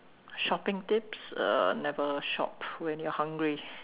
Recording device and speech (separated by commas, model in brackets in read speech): telephone, conversation in separate rooms